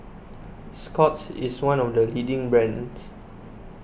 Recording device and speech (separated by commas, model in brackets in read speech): boundary microphone (BM630), read sentence